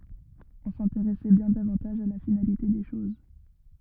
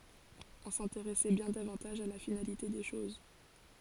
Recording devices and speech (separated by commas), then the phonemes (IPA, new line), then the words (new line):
rigid in-ear microphone, forehead accelerometer, read sentence
ɔ̃ sɛ̃teʁɛsɛ bjɛ̃ davɑ̃taʒ a la finalite de ʃoz
On s'intéressait bien davantage à la finalité des choses.